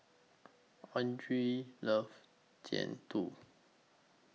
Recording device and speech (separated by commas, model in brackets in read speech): mobile phone (iPhone 6), read sentence